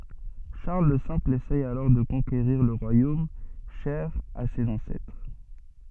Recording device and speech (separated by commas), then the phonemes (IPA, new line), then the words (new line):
soft in-ear microphone, read sentence
ʃaʁl lə sɛ̃pl esɛ alɔʁ də kɔ̃keʁiʁ lə ʁwajom ʃɛʁ a sez ɑ̃sɛtʁ
Charles le Simple essaie alors de conquérir le royaume cher à ses ancêtres.